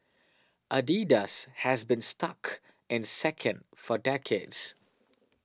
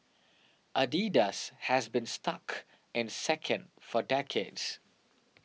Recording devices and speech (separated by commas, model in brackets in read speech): standing microphone (AKG C214), mobile phone (iPhone 6), read sentence